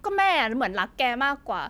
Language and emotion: Thai, frustrated